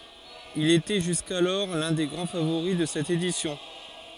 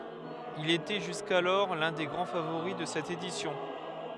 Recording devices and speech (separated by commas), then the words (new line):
forehead accelerometer, headset microphone, read sentence
Il était jusqu'alors l'un des grands favoris de cette édition.